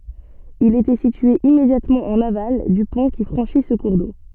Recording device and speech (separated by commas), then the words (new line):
soft in-ear microphone, read sentence
Il était situé immédiatement en aval du pont qui franchit ce cours d'eau.